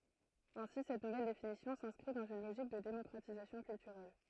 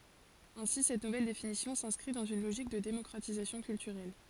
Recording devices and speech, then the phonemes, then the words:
throat microphone, forehead accelerometer, read sentence
ɛ̃si sɛt nuvɛl definisjɔ̃ sɛ̃skʁi dɑ̃z yn loʒik də demɔkʁatizasjɔ̃ kyltyʁɛl
Ainsi cette nouvelle définition s'inscrit dans une logique de démocratisation culturelle.

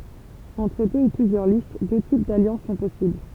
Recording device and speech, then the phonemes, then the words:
temple vibration pickup, read sentence
ɑ̃tʁ dø u plyzjœʁ list dø tip daljɑ̃s sɔ̃ pɔsibl
Entre deux ou plusieurs listes, deux types d'alliances sont possibles.

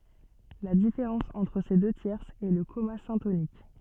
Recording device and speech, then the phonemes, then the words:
soft in-ear microphone, read sentence
la difeʁɑ̃s ɑ̃tʁ se dø tjɛʁsz ɛ lə kɔma sɛ̃tonik
La différence entre ces deux tierces est le comma syntonique.

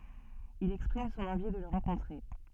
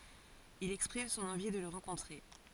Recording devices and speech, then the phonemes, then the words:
soft in-ear microphone, forehead accelerometer, read sentence
il ɛkspʁim sɔ̃n ɑ̃vi də lə ʁɑ̃kɔ̃tʁe
Il exprime son envie de le rencontrer.

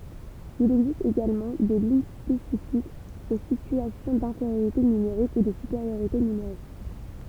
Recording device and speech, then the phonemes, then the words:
temple vibration pickup, read sentence
il ɛɡzist eɡalmɑ̃ de liɲ spesifikz o sityasjɔ̃ dɛ̃feʁjoʁite nymeʁik u də sypeʁjoʁite nymeʁik
Il existe également des lignes spécifiques aux situations d’infériorité numérique ou de supériorité numérique.

